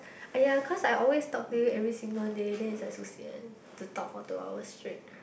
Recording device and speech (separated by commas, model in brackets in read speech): boundary microphone, conversation in the same room